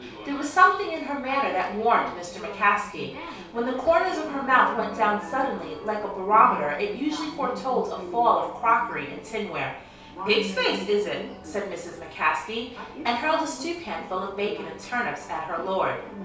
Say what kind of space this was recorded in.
A small space.